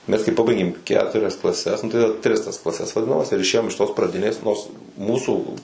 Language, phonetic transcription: Lithuanian, mes kai ˈpabaigėm ˈketurias klaˈses ˈnu tai tris tas klaˈses vaˈdinamas ir išˈėjom iš tos praˈdinės ˈnors ˈmūsų

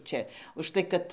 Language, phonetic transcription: Lithuanian, ˈčia užˈtai kad

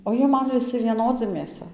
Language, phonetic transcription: Lithuanian, o ˈjie ˈman viˈsi vieˈnodzi mėˈsa

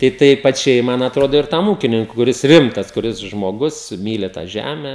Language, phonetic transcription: Lithuanian, tai ˈtei paˈčiai ˈman atˈrodo ir ˈtam ˈūkininku kuˈris ˈrimtas kuˈris žmoˈgus ˈmyli tą ˈžæme

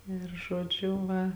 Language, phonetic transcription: Lithuanian, ir žoˈdžiu ˈva

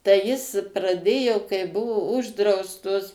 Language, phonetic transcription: Lithuanian, tai jis praˈdėjo kai ˈbuvo ˈuždraustos

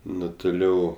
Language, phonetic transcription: Lithuanian, ˈnu tuˈliau

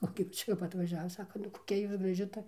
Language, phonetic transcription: Lithuanian, o kap ˈčia jau va atvaˈžiava ˈsaka nu koˈkia ˈjūs graˈži ˈta

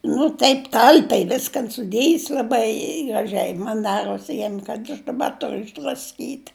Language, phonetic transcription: Lithuanian, nu ˈtaip ˈtalpiai ˈviskan suˈdėjis laˈbai graˈžiai ˈman ˈdaros ˈjiem kad aš daˈba ˈturu išdrasˈkyt'

